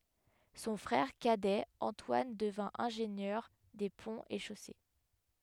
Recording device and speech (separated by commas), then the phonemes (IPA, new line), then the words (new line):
headset microphone, read sentence
sɔ̃ fʁɛʁ kadɛ ɑ̃twan dəvɛ̃ ɛ̃ʒenjœʁ de pɔ̃z e ʃose
Son frère cadet Antoine devint ingénieur des ponts et chaussées.